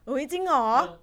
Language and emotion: Thai, happy